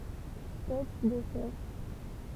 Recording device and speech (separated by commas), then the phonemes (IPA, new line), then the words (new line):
temple vibration pickup, read sentence
spɔt də sœʁ
Spot de surf.